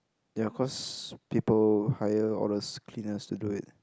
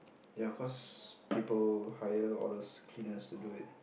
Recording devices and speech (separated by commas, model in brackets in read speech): close-talking microphone, boundary microphone, conversation in the same room